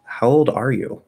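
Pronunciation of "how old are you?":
In 'how old are you?', the stress falls on 'are'.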